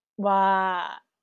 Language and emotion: Thai, happy